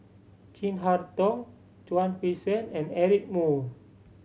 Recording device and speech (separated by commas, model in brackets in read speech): mobile phone (Samsung C7100), read sentence